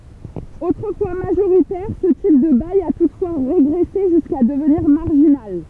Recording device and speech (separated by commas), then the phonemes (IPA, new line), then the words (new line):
temple vibration pickup, read sentence
otʁəfwa maʒoʁitɛʁ sə tip də baj a tutfwa ʁeɡʁɛse ʒyska dəvniʁ maʁʒinal
Autrefois majoritaire, ce type de bail a toutefois régressé jusqu'à devenir marginal.